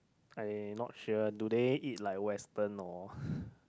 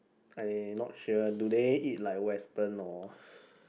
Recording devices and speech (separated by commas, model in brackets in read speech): close-talking microphone, boundary microphone, conversation in the same room